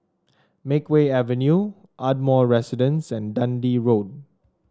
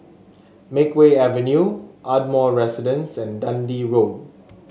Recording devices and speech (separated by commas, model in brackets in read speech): standing microphone (AKG C214), mobile phone (Samsung S8), read sentence